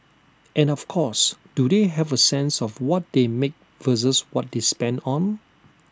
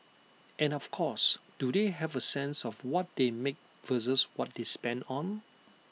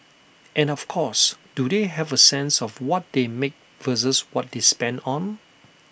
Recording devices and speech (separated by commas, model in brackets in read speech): standing microphone (AKG C214), mobile phone (iPhone 6), boundary microphone (BM630), read sentence